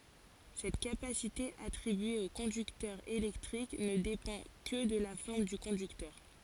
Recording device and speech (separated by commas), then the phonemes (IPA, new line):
forehead accelerometer, read sentence
sɛt kapasite atʁibye o kɔ̃dyktœʁ elɛktʁik nə depɑ̃ kə də la fɔʁm dy kɔ̃dyktœʁ